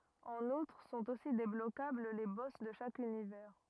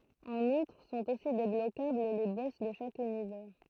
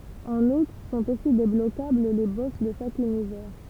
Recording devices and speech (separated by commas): rigid in-ear microphone, throat microphone, temple vibration pickup, read sentence